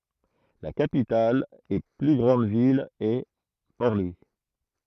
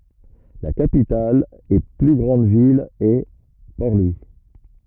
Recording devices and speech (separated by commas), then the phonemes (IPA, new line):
throat microphone, rigid in-ear microphone, read sentence
la kapital e ply ɡʁɑ̃d vil ɛ pɔʁ lwi